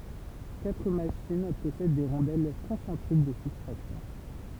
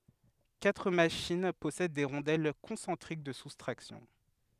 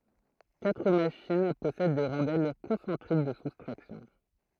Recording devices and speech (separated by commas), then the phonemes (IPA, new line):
temple vibration pickup, headset microphone, throat microphone, read sentence
katʁ maʃin pɔsɛd de ʁɔ̃dɛl kɔ̃sɑ̃tʁik də sustʁaksjɔ̃